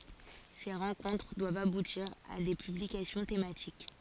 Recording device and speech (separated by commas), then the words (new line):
forehead accelerometer, read sentence
Ces rencontres doivent aboutir à des publications thématiques.